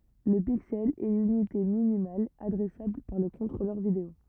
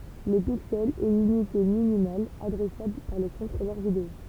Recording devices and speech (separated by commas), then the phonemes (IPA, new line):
rigid in-ear microphone, temple vibration pickup, read sentence
lə piksɛl ɛ lynite minimal adʁɛsabl paʁ lə kɔ̃tʁolœʁ video